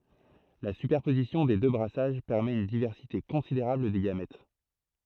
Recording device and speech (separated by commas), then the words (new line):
throat microphone, read sentence
La superposition des deux brassages permet une diversité considérable des gamètes.